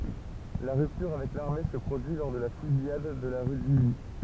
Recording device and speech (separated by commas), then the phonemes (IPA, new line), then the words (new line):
temple vibration pickup, read sentence
la ʁyptyʁ avɛk laʁme sə pʁodyi lɔʁ də la fyzijad də la ʁy disli
La rupture avec l'armée se produit lors de la Fusillade de la rue d'Isly.